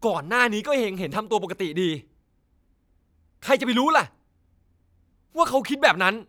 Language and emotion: Thai, angry